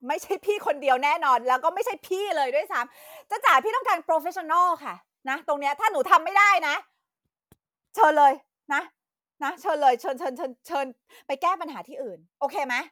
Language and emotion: Thai, angry